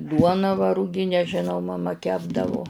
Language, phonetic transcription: Lithuanian, ˈduoną va ruˈginę žiˈnau maˈma ˈkepdavu

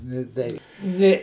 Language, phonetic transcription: Lithuanian, nė ˈtei ˈnė

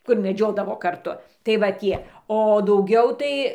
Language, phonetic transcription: Lithuanian, ˈkur meˈdžiodavo karˈtu tai va ˈtie o dauˈgiau tai

